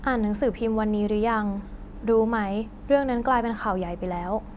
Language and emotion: Thai, neutral